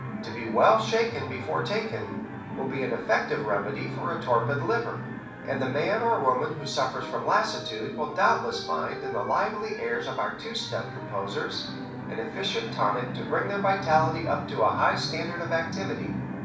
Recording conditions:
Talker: one person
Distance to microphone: 5.8 m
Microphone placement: far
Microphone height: 1.8 m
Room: medium-sized (5.7 m by 4.0 m)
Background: television

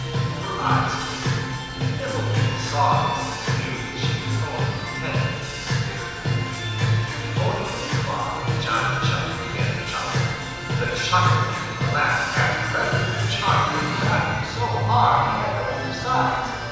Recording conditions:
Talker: one person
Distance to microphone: 7.1 m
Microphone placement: far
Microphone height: 1.7 m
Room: very reverberant, large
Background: music

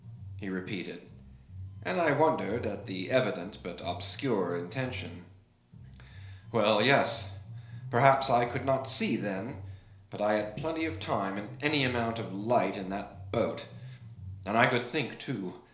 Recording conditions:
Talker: one person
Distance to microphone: 1.0 m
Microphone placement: close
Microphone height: 1.1 m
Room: small (3.7 m by 2.7 m)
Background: music

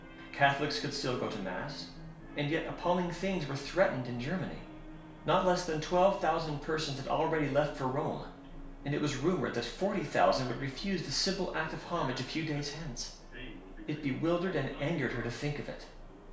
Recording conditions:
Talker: one person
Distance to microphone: 1.0 m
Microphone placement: close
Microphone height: 1.1 m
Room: small (3.7 m by 2.7 m)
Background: television

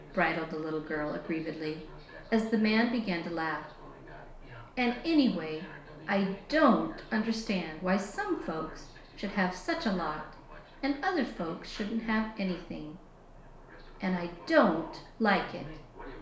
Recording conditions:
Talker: one person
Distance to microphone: 1.0 m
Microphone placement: close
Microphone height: 1.1 m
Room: small (3.7 m by 2.7 m)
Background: television

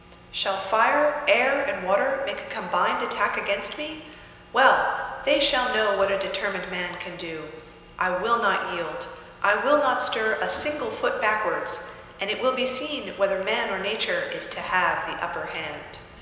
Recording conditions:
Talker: one person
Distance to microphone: 1.7 m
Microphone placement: close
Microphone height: 1.0 m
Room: very reverberant, large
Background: none

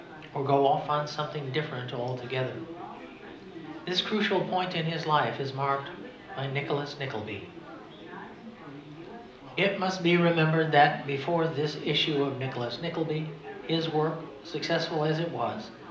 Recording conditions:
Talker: one person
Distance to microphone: 2.0 m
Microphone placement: close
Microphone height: 99 cm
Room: medium-sized (5.7 m by 4.0 m)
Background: babble

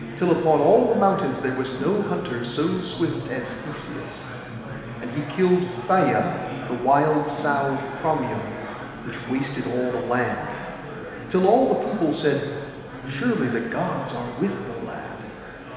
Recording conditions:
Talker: one person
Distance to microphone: 1.7 m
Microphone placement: close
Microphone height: 1.0 m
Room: very reverberant, large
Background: babble

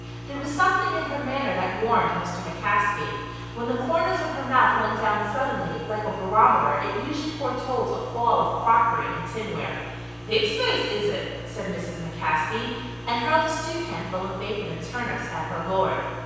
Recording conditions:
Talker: one person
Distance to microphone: 7.1 m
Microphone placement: far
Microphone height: 1.7 m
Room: very reverberant, large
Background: none

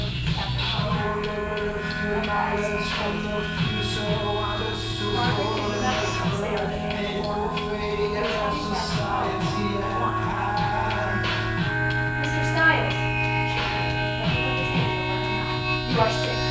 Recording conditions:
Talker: one person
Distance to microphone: 9.8 m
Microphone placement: far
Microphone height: 1.8 m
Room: large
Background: music

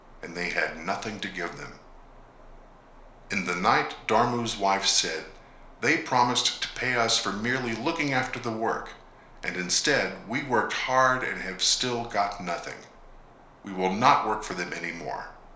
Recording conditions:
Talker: one person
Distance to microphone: 1.0 m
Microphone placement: close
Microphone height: 1.1 m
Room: small (3.7 m by 2.7 m)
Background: none

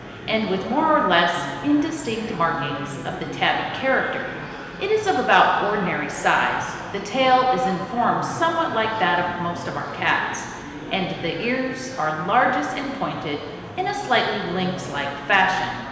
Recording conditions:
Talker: one person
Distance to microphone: 1.7 m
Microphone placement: close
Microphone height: 1.0 m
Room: very reverberant, large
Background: babble

